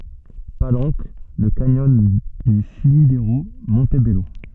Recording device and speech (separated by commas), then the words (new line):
soft in-ear microphone, read sentence
Palenque, le canyon du Sumidero, Montebello.